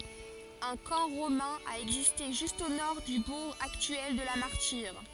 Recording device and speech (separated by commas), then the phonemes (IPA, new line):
forehead accelerometer, read sentence
œ̃ kɑ̃ ʁomɛ̃ a ɛɡziste ʒyst o nɔʁ dy buʁ aktyɛl də la maʁtiʁ